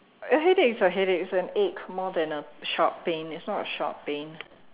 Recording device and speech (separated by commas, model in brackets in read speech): telephone, conversation in separate rooms